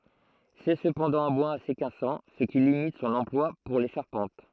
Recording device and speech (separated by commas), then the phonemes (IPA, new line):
throat microphone, read sentence
sɛ səpɑ̃dɑ̃ œ̃ bwaz ase kasɑ̃ sə ki limit sɔ̃n ɑ̃plwa puʁ le ʃaʁpɑ̃t